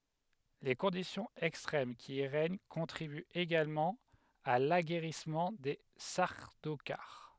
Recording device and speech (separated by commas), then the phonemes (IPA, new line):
headset microphone, read sentence
le kɔ̃disjɔ̃z ɛkstʁɛm ki i ʁɛɲ kɔ̃tʁibyt eɡalmɑ̃ a laɡɛʁismɑ̃ de saʁdokaʁ